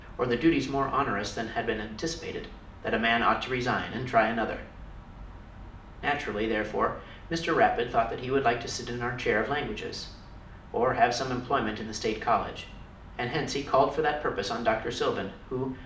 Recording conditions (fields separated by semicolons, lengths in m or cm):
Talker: one person; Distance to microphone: 2.0 m; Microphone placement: close; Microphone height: 99 cm; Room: medium-sized (5.7 m by 4.0 m); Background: none